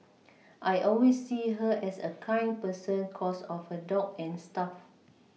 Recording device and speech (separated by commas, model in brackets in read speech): mobile phone (iPhone 6), read sentence